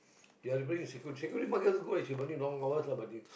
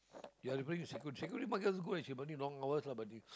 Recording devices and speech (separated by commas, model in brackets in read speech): boundary microphone, close-talking microphone, conversation in the same room